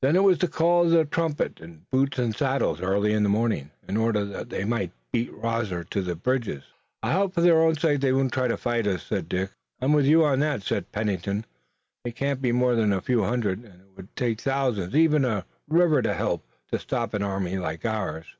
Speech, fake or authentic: authentic